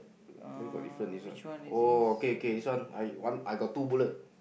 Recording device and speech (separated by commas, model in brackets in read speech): boundary microphone, conversation in the same room